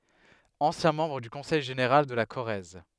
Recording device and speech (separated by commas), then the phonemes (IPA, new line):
headset microphone, read sentence
ɑ̃sjɛ̃ mɑ̃bʁ dy kɔ̃sɛj ʒeneʁal də la koʁɛz